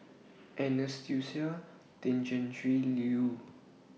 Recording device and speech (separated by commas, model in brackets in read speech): mobile phone (iPhone 6), read sentence